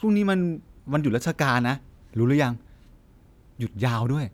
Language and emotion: Thai, happy